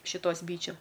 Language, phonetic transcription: Lithuanian, šiˈtos ˈbyčiu

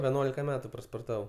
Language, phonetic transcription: Lithuanian, veˈnuolika ˈmetu sporˈtavau

